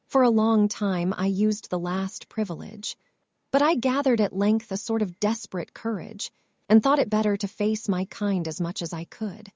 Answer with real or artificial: artificial